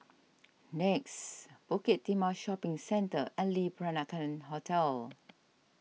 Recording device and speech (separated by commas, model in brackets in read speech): mobile phone (iPhone 6), read sentence